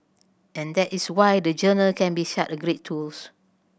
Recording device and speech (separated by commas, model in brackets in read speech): boundary microphone (BM630), read sentence